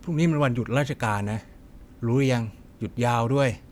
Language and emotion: Thai, neutral